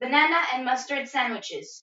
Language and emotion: English, neutral